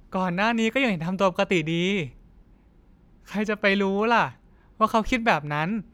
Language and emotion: Thai, frustrated